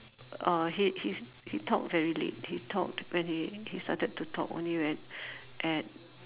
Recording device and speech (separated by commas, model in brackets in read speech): telephone, conversation in separate rooms